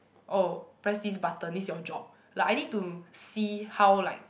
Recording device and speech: boundary microphone, conversation in the same room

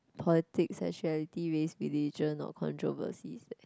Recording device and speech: close-talking microphone, conversation in the same room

